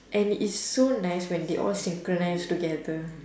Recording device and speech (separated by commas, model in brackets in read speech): standing microphone, conversation in separate rooms